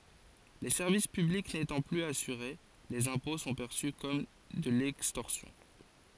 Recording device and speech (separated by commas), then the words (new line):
forehead accelerometer, read sentence
Les services publics n'étant plus assurés, les impôts sont perçus comme de l'extorsion.